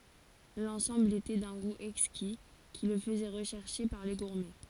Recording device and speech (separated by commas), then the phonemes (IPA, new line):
forehead accelerometer, read sentence
lɑ̃sɑ̃bl etɛ dœ̃ ɡu ɛkski ki lə fəzɛ ʁəʃɛʁʃe paʁ le ɡuʁmɛ